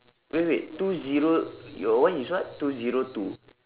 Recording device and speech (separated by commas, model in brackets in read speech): telephone, conversation in separate rooms